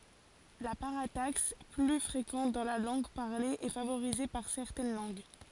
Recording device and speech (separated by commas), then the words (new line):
forehead accelerometer, read sentence
La parataxe, plus fréquente dans la langue parlée, est favorisée par certaines langues.